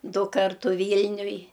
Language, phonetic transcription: Lithuanian, ˈdu ˈkartu ˈvylniuj

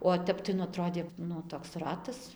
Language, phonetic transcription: Lithuanian, o ˈtep tai nu aˈtrodė ˈnu toks ˈratas

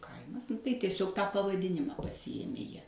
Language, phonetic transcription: Lithuanian, ˈkaimas tai tieˈsiog ˈtą pavaˈdinimą pasiˈjėmė ˈjie

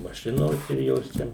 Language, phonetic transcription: Lithuanian, maˈšinos ir ˈjos čia

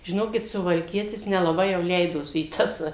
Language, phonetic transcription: Lithuanian, žiˈnokit suvalˈkietis nelaˈbai jau ˈleidosi į ˈtas

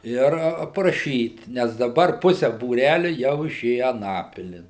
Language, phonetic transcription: Lithuanian, ˈir apraˈšyt nes daˈbar ˈpuse būˈræliu jau iˈšėje aˈnapilin

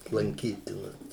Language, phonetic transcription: Lithuanian, lanˈkytinas

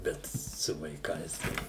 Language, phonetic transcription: Lithuanian, ˈbet su vaiˈkais tai

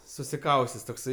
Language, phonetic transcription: Lithuanian, susiˈkaustes tokˈsai

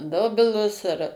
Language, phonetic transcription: Lithuanian, ˈdobilus ar

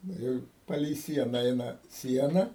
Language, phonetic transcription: Lithuanian, nu ˈjau ˈpalei ˈsiena ˈeina ˈsiena

